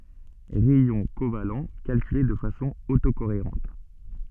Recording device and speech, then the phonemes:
soft in-ear microphone, read sentence
ʁɛjɔ̃ koval kalkyle də fasɔ̃ oto koeʁɑ̃t

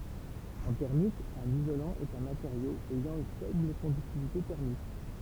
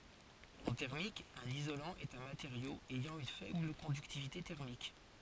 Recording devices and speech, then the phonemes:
temple vibration pickup, forehead accelerometer, read sentence
ɑ̃ tɛʁmik œ̃n izolɑ̃ ɛt œ̃ mateʁjo ɛjɑ̃ yn fɛbl kɔ̃dyktivite tɛʁmik

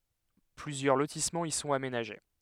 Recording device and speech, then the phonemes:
headset microphone, read sentence
plyzjœʁ lotismɑ̃z i sɔ̃t amenaʒe

